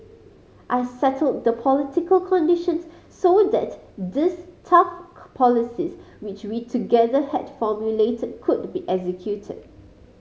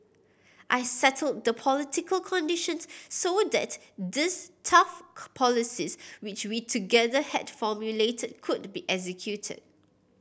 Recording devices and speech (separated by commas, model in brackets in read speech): mobile phone (Samsung C5010), boundary microphone (BM630), read sentence